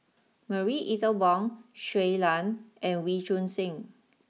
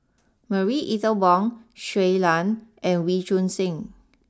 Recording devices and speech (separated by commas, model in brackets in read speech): mobile phone (iPhone 6), standing microphone (AKG C214), read sentence